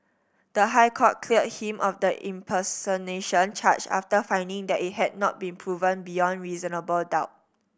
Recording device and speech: boundary microphone (BM630), read sentence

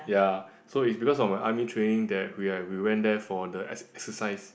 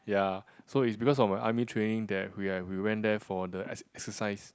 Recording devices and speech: boundary microphone, close-talking microphone, conversation in the same room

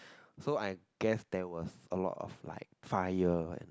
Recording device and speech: close-talking microphone, conversation in the same room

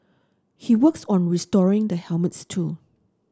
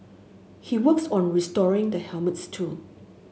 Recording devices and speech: standing microphone (AKG C214), mobile phone (Samsung S8), read sentence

